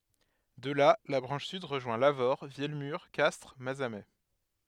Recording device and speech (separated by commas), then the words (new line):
headset microphone, read sentence
De là, la branche sud rejoint Lavaur, Vielmur, Castres, Mazamet.